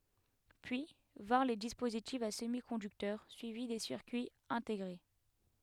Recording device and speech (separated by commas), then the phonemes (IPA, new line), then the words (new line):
headset microphone, read sentence
pyi vɛ̃ʁ le dispozitifz a səmikɔ̃dyktœʁ syivi de siʁkyiz ɛ̃teɡʁe
Puis, vinrent les dispositifs à semi-conducteurs, suivis des circuits intégrés.